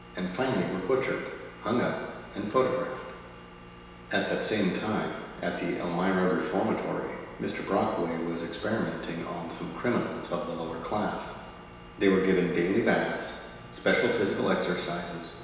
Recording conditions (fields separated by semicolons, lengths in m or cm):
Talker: one person; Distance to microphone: 1.7 m; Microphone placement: close; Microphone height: 1.0 m; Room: very reverberant, large; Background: none